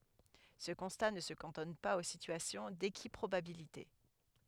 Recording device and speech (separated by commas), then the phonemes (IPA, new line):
headset microphone, read sentence
sə kɔ̃sta nə sə kɑ̃tɔn paz o sityasjɔ̃ dekipʁobabilite